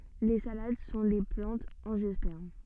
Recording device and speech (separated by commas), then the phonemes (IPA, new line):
soft in-ear microphone, read sentence
le salad sɔ̃ de plɑ̃tz ɑ̃ʒjɔspɛʁm